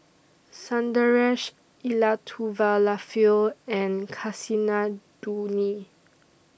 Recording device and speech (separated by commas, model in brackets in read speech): boundary microphone (BM630), read sentence